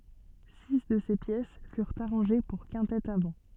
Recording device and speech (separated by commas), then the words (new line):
soft in-ear microphone, read sentence
Six de ces pièces furent arrangées pour quintette à vent.